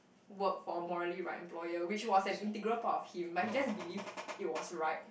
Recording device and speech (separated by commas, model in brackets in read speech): boundary microphone, conversation in the same room